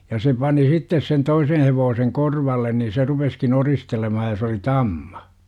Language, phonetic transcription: Finnish, ja se pani 'sittes sen 'toisen̬ hevoo - seŋ "korvallen ni se 'rupeskin "oristelemahaj ja se oli "tamMA .
- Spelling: ja se pani sitten sen toisen - hevosen korvalle niin se rupesikin oristelemaan ja se oli tamma

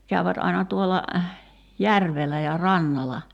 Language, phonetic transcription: Finnish, 'käyvät aina 'tuolla , 'järvel̆lä ja "rannala .
- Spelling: käyvät aina tuolla järvellä ja rannalla

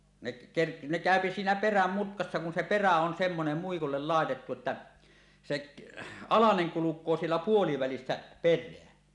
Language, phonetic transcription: Finnish, neˀ , ker- , ne "kä̀öpi siinä "peräm 'mutkassa kun se "perä on semmonem muikullel 'làetettu ᵉttä , sek , "alaneŋ 'kuluk̀oo siellä "puolivälissä 'per̆reä .
- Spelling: ne - ne käy siinä perän mutkassa kun se perä on semmoinen muikulle laitettu että se alanen kulkee siellä puolivälissä perää

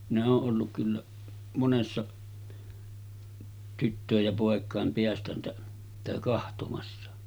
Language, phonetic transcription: Finnish, minä oo’ ’olluk kyllä , 'monessa tyttö̀ej ja pòek̀àem 'peästäntä- , sitä 'kahtomassa .
- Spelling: minä olen ollut kyllä monessa tyttöjen ja poikien - sitä katsomassa

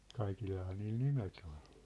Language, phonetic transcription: Finnish, 'kaikillahaa niil "nimet ‿ol .
- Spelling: kaikillahan niillä nimet oli

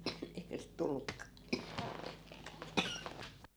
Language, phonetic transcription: Finnish, eihä sit 'tullukka . .
- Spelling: eihän sitä tullutkaan

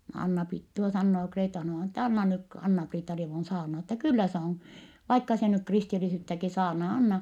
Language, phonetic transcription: Finnish, no Anna-Priit - tuo sannoo Kreeta-Juhàna(-vaina) ettɛ » anna nyk k- , Anna-Priitta-rievun saarnat ‿ettɛ kyllä se on , vaikka se nyk kristilisyyttäki saarnaa , anna . »
- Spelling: no Anna-Priita tuo sanoo Kreeta-Juhanna-vainaja että anna nyt - Anna-Priitta-rievun saarnata että kyllä se on vaikka se nyt kristillisyyttäkin saarnaa anna

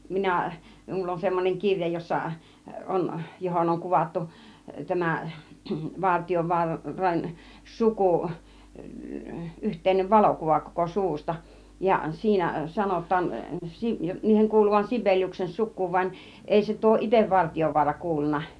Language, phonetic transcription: Finnish, 'minä̀ , 'mⁱⁿull ‿on semmon͕eŋ 'kiŕja jossa , 'ˀon , 'johon oŋ 'kuvattu , 'tämä , 'Vartijovua- , -ran , "sukù , 'yht̆tèinev "valokuva koko 'suvusta , ja 'siinä , 'sa-not̆taan , si- 'niiheŋ kuuluvan 'Si(ʙ̀)eliuksen 'suk̆kuuv van , 'èi se tuo "itev 'Vartijovuara 'kuulun̆na .
- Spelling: minä minulla on semmoinen kirja jossa on johon on kuvattu tämä - Vartiovaaran suku yhteinen valokuva koko suvusta ja siinä sanotaan - niiden kuuluvan Sibeliuksen sukuun vaan ei se tuo itse Vartiovaara kuulunut

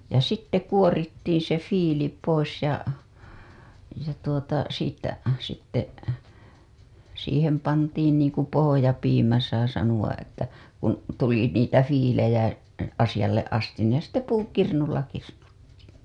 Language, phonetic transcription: Finnish, ja sitte 'kuorittiin̬ se 'fiili pois ja , ja tuota siittä , sitte , siihem pantiin niiŋku pohojapiimä saa sanuwaˀ ˀettä , kun , tuli niitä fiilejä asijalleˀ ˀastin ne sitte "puukirnulla 'kirnuttii .
- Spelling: ja sitten kuorittiin se viili pois ja ja tuota siitä sitten siihen pantiin niin kuin pohjapiimä saa sanoa että kun tuli niitä viilejä asialle asti ne sitten puukirnulla kirnuttiin

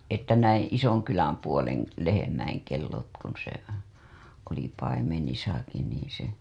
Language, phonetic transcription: Finnish, että näiḭ , "Isoŋkyläm 'puole§ŋ§ , lehemäiŋ kellot kun se , oli paimenisaki niiḭ se .
- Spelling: että näin Isonkylän puolen lehmien kellot kun se oli paimenissakin niin se

